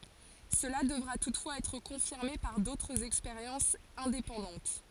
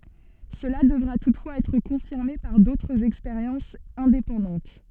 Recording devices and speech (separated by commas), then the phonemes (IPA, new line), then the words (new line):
forehead accelerometer, soft in-ear microphone, read sentence
səla dəvʁa tutfwaz ɛtʁ kɔ̃fiʁme paʁ dotʁz ɛkspeʁjɑ̃sz ɛ̃depɑ̃dɑ̃t
Cela devra toutefois être confirmé par d'autres expériences indépendantes.